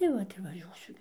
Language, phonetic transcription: Lithuanian, tai ˈvat ir vaˈžiuosiu

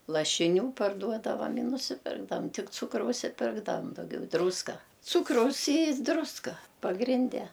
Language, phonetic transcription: Lithuanian, lašiˈnių parˈduodava i nusiˈpirkdavam ˈtik ˈcūkraus i ˈpirkdavam dauˈgiau ˈdrūska ˈcūkraus y ˈdruska pagrinˈde

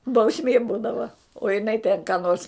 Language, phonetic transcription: Lithuanian, bauˈsmė ˈbūdava o jiˈnai tėn ką nors

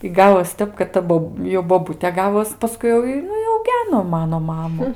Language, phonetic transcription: Lithuanian, i ˈgavos ˈtep kad ˈta bob jau boˈbutė ˈgavos paˈskui jau i ˈnu i auˈgeno ˈmano ˈmamu

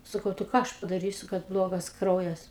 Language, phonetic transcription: Lithuanian, saˈkau tai ˈką ˈaš padaˈrysiu kad ˈblogas ˈkraujas

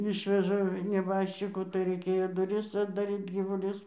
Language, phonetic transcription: Lithuanian, ˈišveža neˈbaščiku tai raiˈkėjo ˈduris atdaˈryt gyvuˈlius

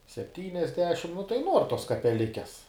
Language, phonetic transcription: Lithuanian, sepˈtyniasdešim nu tai ˈnuor tos kapeˈlikes

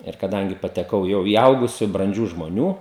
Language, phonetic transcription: Lithuanian, ir kaˈdangi pateˈkau ˈjau į ˈaugusiu branˈdžių žmoˈnių

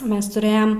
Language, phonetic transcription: Lithuanian, ˈmes tuˈrɘjam

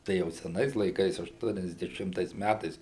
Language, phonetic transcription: Lithuanian, ˈtai jau seˈnais laiˈkais ašˌtuoniasdeˈšimtais ˈmætais

